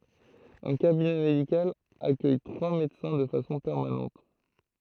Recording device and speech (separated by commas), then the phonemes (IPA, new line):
throat microphone, read sentence
œ̃ kabinɛ medikal akœj tʁwa medəsɛ̃ də fasɔ̃ pɛʁmanɑ̃t